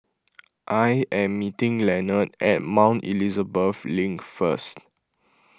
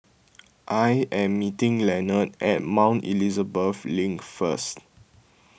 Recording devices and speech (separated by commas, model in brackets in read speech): close-talking microphone (WH20), boundary microphone (BM630), read sentence